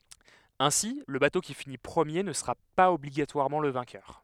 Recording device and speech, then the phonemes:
headset microphone, read sentence
ɛ̃si lə bato ki fini pʁəmje nə səʁa paz ɔbliɡatwaʁmɑ̃ lə vɛ̃kœʁ

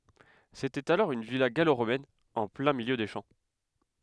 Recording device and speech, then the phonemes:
headset microphone, read sentence
setɛt alɔʁ yn vila ɡaloʁomɛn ɑ̃ plɛ̃ miljø de ʃɑ̃

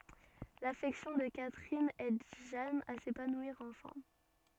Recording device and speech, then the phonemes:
soft in-ear microphone, read sentence
lafɛksjɔ̃ də katʁin ɛd ʒan a sepanwiʁ ɑ̃fɛ̃

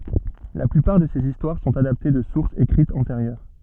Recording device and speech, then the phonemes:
soft in-ear microphone, read sentence
la plypaʁ də sez istwaʁ sɔ̃t adapte də suʁsz ekʁitz ɑ̃teʁjœʁ

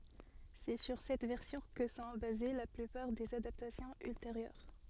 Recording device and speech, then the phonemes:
soft in-ear microphone, read sentence
sɛ syʁ sɛt vɛʁsjɔ̃ kə sɔ̃ baze la plypaʁ dez adaptasjɔ̃z ylteʁjœʁ

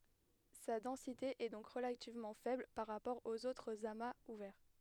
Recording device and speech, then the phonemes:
headset microphone, read sentence
sa dɑ̃site ɛ dɔ̃k ʁəlativmɑ̃ fɛbl paʁ ʁapɔʁ oz otʁz amaz uvɛʁ

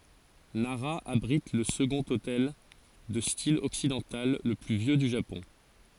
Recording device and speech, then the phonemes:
forehead accelerometer, read sentence
naʁa abʁit lə səɡɔ̃t otɛl də stil ɔksidɑ̃tal lə ply vjø dy ʒapɔ̃

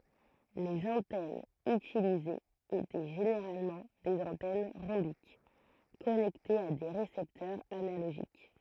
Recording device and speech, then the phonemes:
throat microphone, read sentence
lez ɑ̃tɛnz ytilizez etɛ ʒeneʁalmɑ̃ dez ɑ̃tɛn ʁɔ̃bik kɔnɛktez a de ʁesɛptœʁz analoʒik

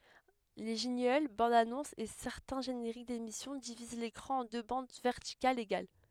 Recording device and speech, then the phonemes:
headset microphone, read sentence
le ʒɛ̃ɡl bɑ̃dzanɔ̃sz e sɛʁtɛ̃ ʒeneʁik demisjɔ̃ diviz lekʁɑ̃ ɑ̃ dø bɑ̃d vɛʁtikalz eɡal

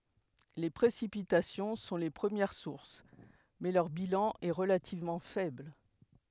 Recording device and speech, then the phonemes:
headset microphone, read sentence
le pʁesipitasjɔ̃ sɔ̃ le pʁəmjɛʁ suʁs mɛ lœʁ bilɑ̃ ɛ ʁəlativmɑ̃ fɛbl

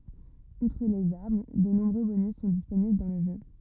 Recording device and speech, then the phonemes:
rigid in-ear microphone, read sentence
utʁ lez aʁm də nɔ̃bʁø bonys sɔ̃ disponibl dɑ̃ lə ʒø

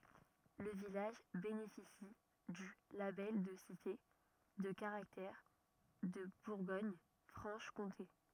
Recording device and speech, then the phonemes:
rigid in-ear microphone, read sentence
lə vilaʒ benefisi dy labɛl də site də kaʁaktɛʁ də buʁɡoɲfʁɑ̃ʃkɔ̃te

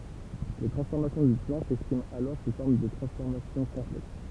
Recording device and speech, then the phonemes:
temple vibration pickup, read sentence
le tʁɑ̃sfɔʁmasjɔ̃ dy plɑ̃ sɛkspʁimt alɔʁ su fɔʁm də tʁɑ̃sfɔʁmasjɔ̃ kɔ̃plɛks

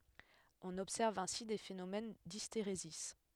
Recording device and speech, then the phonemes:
headset microphone, read sentence
ɔ̃n ɔbsɛʁv ɛ̃si de fenomɛn disteʁezi

